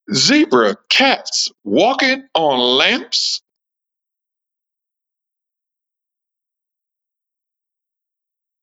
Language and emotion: English, surprised